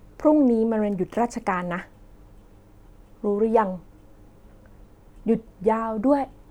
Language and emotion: Thai, frustrated